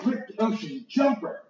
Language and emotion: English, happy